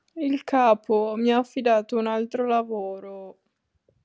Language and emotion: Italian, sad